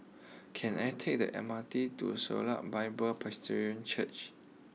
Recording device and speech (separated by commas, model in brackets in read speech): mobile phone (iPhone 6), read sentence